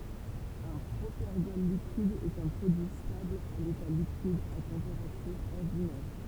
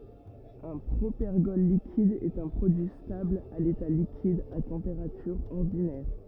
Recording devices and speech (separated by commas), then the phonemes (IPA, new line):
temple vibration pickup, rigid in-ear microphone, read sentence
œ̃ pʁopɛʁɡɔl likid ɛt œ̃ pʁodyi stabl a leta likid a tɑ̃peʁatyʁ ɔʁdinɛʁ